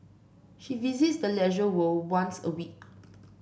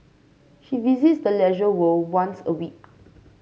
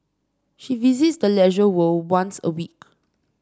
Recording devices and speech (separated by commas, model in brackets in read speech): boundary microphone (BM630), mobile phone (Samsung C5), standing microphone (AKG C214), read sentence